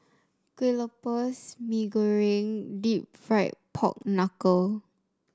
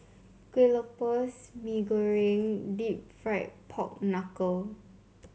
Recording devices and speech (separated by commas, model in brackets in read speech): standing microphone (AKG C214), mobile phone (Samsung C7), read sentence